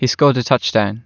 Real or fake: real